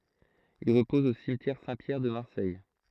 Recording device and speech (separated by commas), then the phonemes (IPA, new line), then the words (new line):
throat microphone, read sentence
il ʁəpɔz o simtjɛʁ sɛ̃tpjɛʁ də maʁsɛj
Il repose au cimetière Saint-Pierre de Marseille.